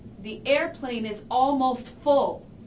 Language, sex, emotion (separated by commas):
English, female, neutral